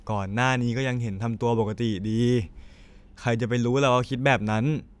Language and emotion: Thai, frustrated